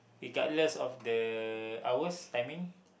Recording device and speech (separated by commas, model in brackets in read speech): boundary microphone, conversation in the same room